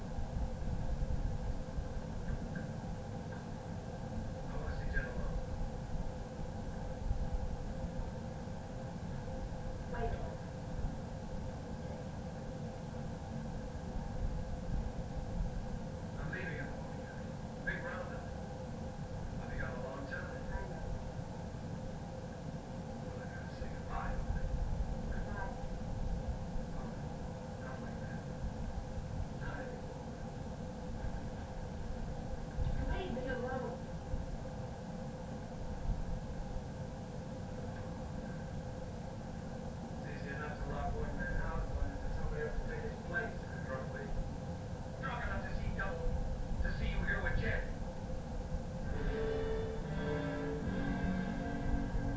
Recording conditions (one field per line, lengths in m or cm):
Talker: no one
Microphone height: 30 cm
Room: small (3.7 m by 2.7 m)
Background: television